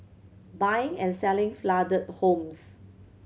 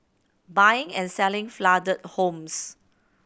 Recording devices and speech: mobile phone (Samsung C7100), boundary microphone (BM630), read sentence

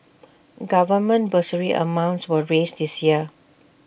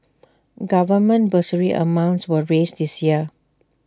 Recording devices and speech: boundary microphone (BM630), standing microphone (AKG C214), read sentence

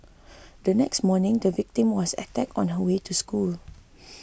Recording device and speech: boundary microphone (BM630), read sentence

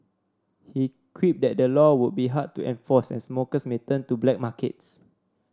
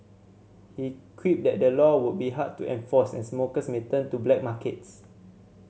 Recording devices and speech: standing microphone (AKG C214), mobile phone (Samsung C7100), read sentence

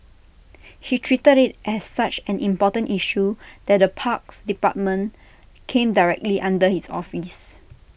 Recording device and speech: boundary microphone (BM630), read sentence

